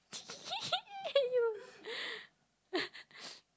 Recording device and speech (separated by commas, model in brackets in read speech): close-talking microphone, conversation in the same room